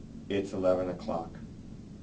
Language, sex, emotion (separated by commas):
English, male, neutral